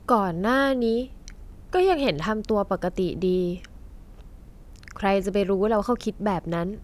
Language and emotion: Thai, frustrated